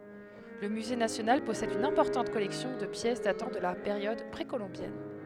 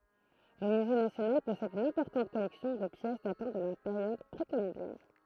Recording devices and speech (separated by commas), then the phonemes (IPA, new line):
headset microphone, throat microphone, read sentence
lə myze nasjonal pɔsɛd yn ɛ̃pɔʁtɑ̃t kɔlɛksjɔ̃ də pjɛs datɑ̃ də la peʁjɔd pʁekolɔ̃bjɛn